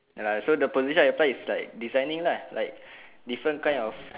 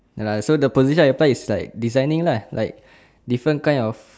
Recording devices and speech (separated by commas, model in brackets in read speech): telephone, standing microphone, conversation in separate rooms